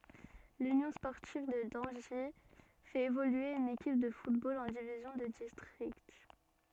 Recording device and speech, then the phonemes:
soft in-ear microphone, read sentence
lynjɔ̃ spɔʁtiv də dɑ̃ʒi fɛt evolye yn ekip də futbol ɑ̃ divizjɔ̃ də distʁikt

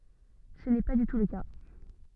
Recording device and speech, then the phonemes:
soft in-ear microphone, read sentence
sə nɛ pa dy tu lə ka

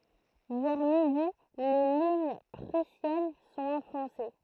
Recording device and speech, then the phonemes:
throat microphone, read sentence
vɛʁ midi le liɲ pʁysjɛn sɔ̃t ɑ̃fɔ̃se

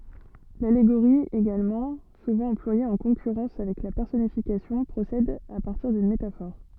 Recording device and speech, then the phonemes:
soft in-ear microphone, read sentence
laleɡoʁi eɡalmɑ̃ suvɑ̃ ɑ̃plwaje ɑ̃ kɔ̃kyʁɑ̃s avɛk la pɛʁsɔnifikasjɔ̃ pʁosɛd a paʁtiʁ dyn metafɔʁ

